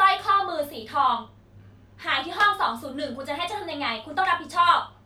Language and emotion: Thai, angry